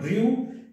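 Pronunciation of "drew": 'drew' is pronounced incorrectly here.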